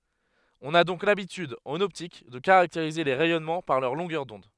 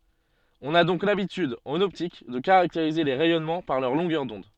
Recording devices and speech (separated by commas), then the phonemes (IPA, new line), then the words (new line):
headset microphone, soft in-ear microphone, read sentence
ɔ̃n a dɔ̃k labityd ɑ̃n ɔptik də kaʁakteʁize le ʁɛjɔnmɑ̃ paʁ lœʁ lɔ̃ɡœʁ dɔ̃d
On a donc l'habitude, en optique, de caractériser les rayonnements par leur longueur d'onde.